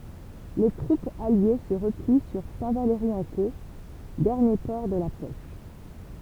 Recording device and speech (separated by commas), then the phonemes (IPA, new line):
temple vibration pickup, read sentence
le tʁupz alje sə ʁəpli syʁ sɛ̃tvalʁiɑ̃ko dɛʁnje pɔʁ də la pɔʃ